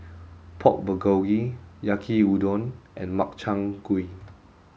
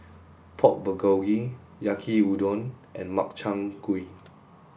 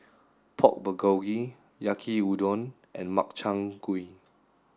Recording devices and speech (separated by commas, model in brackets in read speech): mobile phone (Samsung S8), boundary microphone (BM630), standing microphone (AKG C214), read sentence